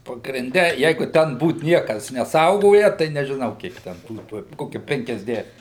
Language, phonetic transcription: Lithuanian, pagrinˈde ˈjeigu ˈten ˈbūt ˈniekas neˈsaugoje tai nežiˈnau ˈkiek ˈten ˈtų ˈtuoj ˈkokia penkiasˈdešim

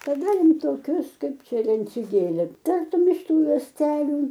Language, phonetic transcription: Lithuanian, taˈda in toˈkius ˈkaip ˈčia lenciugėliˈtartum iš ˈtų juosˈteliu

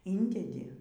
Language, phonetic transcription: Lithuanian, ˈindedi

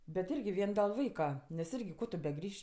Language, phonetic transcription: Lithuanian, bet ˈirgi ˈvien del ˈvaika nes ˈirgi ko tu beˈgrįš'

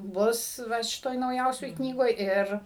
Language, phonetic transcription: Lithuanian, ˈbus ˈva šiˈtoj nauˈjausioj ˈknygoj ˈir

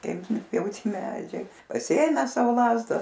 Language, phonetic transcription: Lithuanian, ˈkaip ˈjau ˈtie ˈmedžiai pasiˈėmęs ˈsau ˈlazda

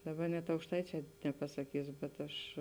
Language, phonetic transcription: Lithuanian, ˈdaˌba net aukšˈtaičē nepasaˈkys bet ˈaš

